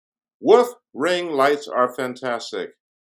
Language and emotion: English, surprised